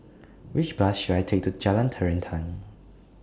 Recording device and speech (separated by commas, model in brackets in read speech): standing microphone (AKG C214), read sentence